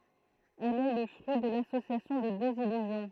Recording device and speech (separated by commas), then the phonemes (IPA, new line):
throat microphone, read sentence
ɛl ɛ lə fʁyi də lasosjasjɔ̃ də døz ilyzjɔ̃